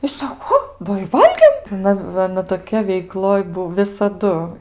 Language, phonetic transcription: Lithuanian, i ˈsako ˈo ˈda i ˈvalgėm ˈnu ˈva aˈna toˈkia veiˈkloj ˈbuo visaˈdu

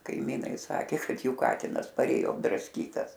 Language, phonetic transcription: Lithuanian, kaiˈmynai ˈsakė ˈkad ˈjų ˈkatinas parˈėjo apdrasˈkytas

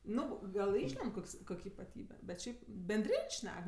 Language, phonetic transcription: Lithuanian, ˈnu ˈgal ˈišlend ˈkoks ˈkok' ipaˈtybe bet ˈšiaip benˈdrin' ˈšnek

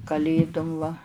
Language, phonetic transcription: Lithuanian, kaˈlėdum va

